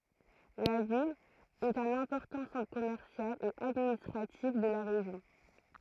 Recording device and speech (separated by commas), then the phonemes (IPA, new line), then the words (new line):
throat microphone, read sentence
la vil ɛt œ̃n ɛ̃pɔʁtɑ̃ sɑ̃tʁ kɔmɛʁsjal e administʁatif də la ʁeʒjɔ̃
La ville est un important centre commercial et administratif de la région.